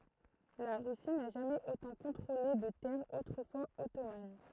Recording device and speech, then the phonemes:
throat microphone, read sentence
la ʁysi na ʒamɛz otɑ̃ kɔ̃tʁole də tɛʁz otʁəfwaz ɔtoman

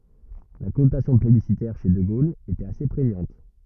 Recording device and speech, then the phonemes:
rigid in-ear microphone, read sentence
la kɔnotasjɔ̃ plebisitɛʁ ʃe də ɡol etɛt ase pʁeɲɑ̃t

